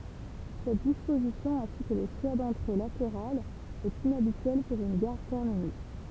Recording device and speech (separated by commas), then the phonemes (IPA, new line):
temple vibration pickup, read sentence
sɛt dispozisjɔ̃ ɛ̃si kə lə ʃwa dɑ̃tʁe lateʁalz ɛt inabityɛl puʁ yn ɡaʁ tɛʁminys